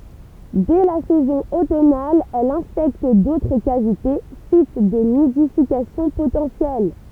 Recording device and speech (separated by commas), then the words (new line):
temple vibration pickup, read sentence
Dès la saison automnale, elle inspecte d'autres cavités, sites de nidification potentiels.